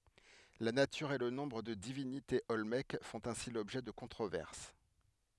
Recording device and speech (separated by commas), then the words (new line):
headset microphone, read sentence
La nature et le nombre de divinités olmèques font ainsi l’objet de controverses.